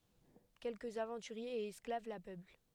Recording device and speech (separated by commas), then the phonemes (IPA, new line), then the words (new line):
headset microphone, read sentence
kɛlkəz avɑ̃tyʁjez e ɛsklav la pøpl
Quelques aventuriers et esclaves la peuplent.